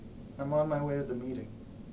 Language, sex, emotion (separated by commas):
English, male, neutral